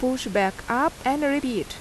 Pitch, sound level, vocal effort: 255 Hz, 83 dB SPL, loud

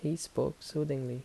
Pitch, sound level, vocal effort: 150 Hz, 76 dB SPL, soft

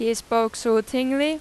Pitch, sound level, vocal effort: 230 Hz, 91 dB SPL, loud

